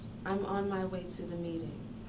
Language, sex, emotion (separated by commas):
English, female, neutral